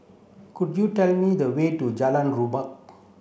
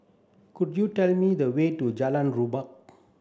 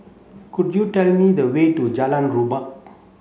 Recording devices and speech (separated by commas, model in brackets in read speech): boundary microphone (BM630), standing microphone (AKG C214), mobile phone (Samsung C7), read sentence